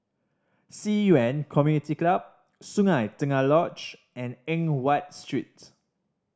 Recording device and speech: standing microphone (AKG C214), read sentence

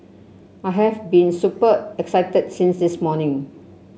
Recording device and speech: mobile phone (Samsung C7), read sentence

